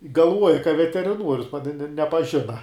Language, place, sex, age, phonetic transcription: Lithuanian, Žemaitija, male, 18-60, galˈvuoja ka veteriˈnuorius pa ne ne nepaˈžina

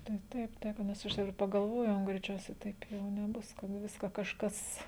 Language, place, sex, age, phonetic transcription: Lithuanian, Žemaitija, female, 18-60, tai ˈtaip ˈtaip nes ˈaš jau ir pagalˈvojau greiˈčiausiai ˈtaip jau neˈbus kad ˈviska kažˈkas

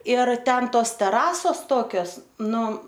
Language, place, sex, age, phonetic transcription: Lithuanian, Aukštaitija, female, 18-60, ir ˈten ˈtos teˈrasos ˈtokios ˈnu

